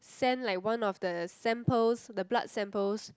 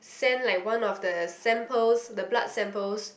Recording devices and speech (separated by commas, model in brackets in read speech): close-talking microphone, boundary microphone, conversation in the same room